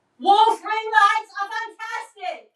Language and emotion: English, neutral